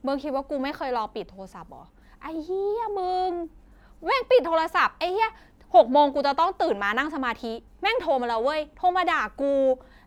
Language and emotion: Thai, frustrated